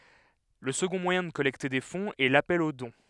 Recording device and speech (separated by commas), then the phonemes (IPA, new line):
headset microphone, read sentence
lə səɡɔ̃ mwajɛ̃ də kɔlɛkte de fɔ̃z ɛ lapɛl o dɔ̃